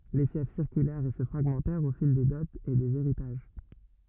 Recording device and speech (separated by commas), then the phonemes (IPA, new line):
rigid in-ear microphone, read sentence
le fjɛf siʁkylɛʁt e sə fʁaɡmɑ̃tɛʁt o fil de dɔtz e dez eʁitaʒ